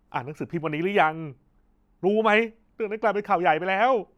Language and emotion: Thai, angry